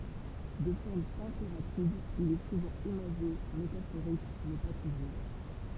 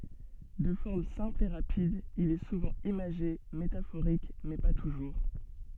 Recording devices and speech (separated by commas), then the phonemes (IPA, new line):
temple vibration pickup, soft in-ear microphone, read sentence
də fɔʁm sɛ̃pl e ʁapid il ɛ suvɑ̃ imaʒe metafoʁik mɛ pa tuʒuʁ